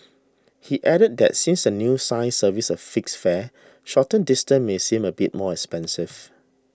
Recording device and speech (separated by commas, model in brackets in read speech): standing microphone (AKG C214), read sentence